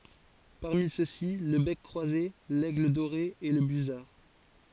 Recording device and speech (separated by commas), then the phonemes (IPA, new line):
forehead accelerometer, read sentence
paʁmi søksi lə bɛk kʁwaze lɛɡl doʁe e lə byzaʁ